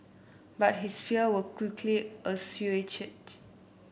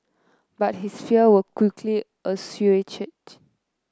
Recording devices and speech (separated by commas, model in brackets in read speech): boundary microphone (BM630), close-talking microphone (WH30), read sentence